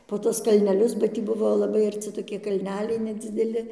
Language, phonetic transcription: Lithuanian, po ˈtuos kalneˈlius ba ˈtį ˈbuvo laˈbai arˈci toˈki kalˈneliai nedzideˈli

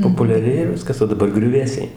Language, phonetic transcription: Lithuanian, populiaˈrėja ˈviskas o daˈbar griuˈvėsiai

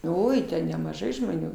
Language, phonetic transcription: Lithuanian, ˈoi ten nemaˈžai žmoˈnių

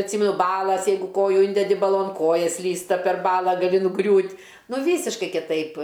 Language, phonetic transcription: Lithuanian, atˈsymenu ˈbalas ˈjeigu ˈkoju ˈindedi baˈlon ˈkoja ˈslysta per ˈbala gaˈli nuˈgriūt' ˈnu ˈvysiškai kiˈtaip

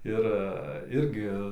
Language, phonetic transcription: Lithuanian, ˈir ˈirgi

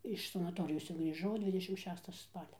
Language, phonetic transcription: Lithuanian, iš sanaˈtorijos cia grįˈžau ˈdvidešim ˈšesta ˈspalia

